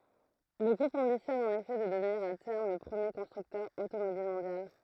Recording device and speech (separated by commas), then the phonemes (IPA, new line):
throat microphone, read sentence
lə ɡʁup ɑ̃bisjɔn ɑ̃n efɛ də dəvniʁ a tɛʁm lə pʁəmje kɔ̃stʁyktœʁ otomobil mɔ̃djal